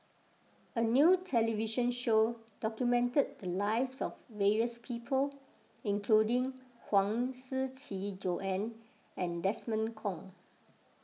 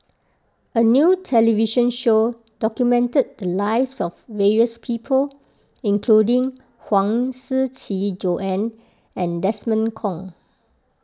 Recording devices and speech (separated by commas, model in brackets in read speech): mobile phone (iPhone 6), close-talking microphone (WH20), read sentence